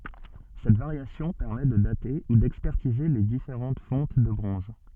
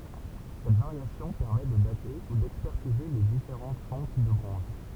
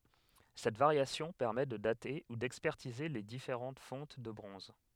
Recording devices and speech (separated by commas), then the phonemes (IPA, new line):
soft in-ear microphone, temple vibration pickup, headset microphone, read sentence
sɛt vaʁjasjɔ̃ pɛʁmɛ də date u dɛkspɛʁtize le difeʁɑ̃t fɔ̃t də bʁɔ̃z